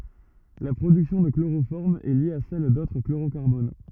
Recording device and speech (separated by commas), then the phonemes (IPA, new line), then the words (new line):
rigid in-ear microphone, read sentence
la pʁodyksjɔ̃ də kloʁofɔʁm ɛ lje a sɛl dotʁ kloʁokaʁbon
La production de chloroforme est liée à celle d'autres chlorocarbones.